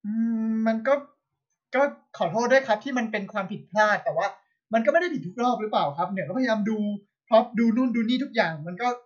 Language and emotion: Thai, frustrated